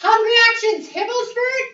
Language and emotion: English, neutral